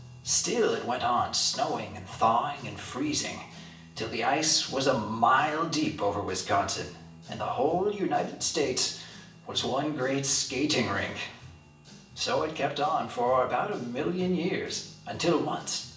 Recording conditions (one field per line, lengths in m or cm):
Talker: one person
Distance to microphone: 1.8 m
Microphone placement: close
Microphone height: 1.0 m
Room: large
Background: music